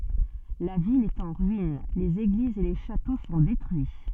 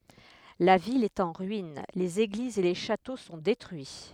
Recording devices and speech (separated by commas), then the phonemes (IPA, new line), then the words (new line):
soft in-ear microphone, headset microphone, read sentence
la vil ɛt ɑ̃ ʁyin lez eɡlizz e le ʃato sɔ̃ detʁyi
La ville est en ruine, les églises et les châteaux sont détruits.